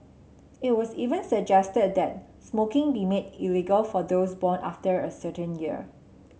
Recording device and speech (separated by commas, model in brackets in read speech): mobile phone (Samsung C7), read sentence